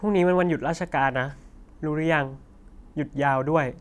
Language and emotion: Thai, frustrated